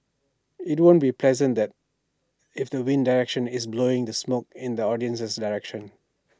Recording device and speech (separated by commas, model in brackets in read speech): standing microphone (AKG C214), read sentence